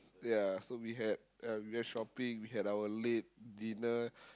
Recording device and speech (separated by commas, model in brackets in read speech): close-talking microphone, conversation in the same room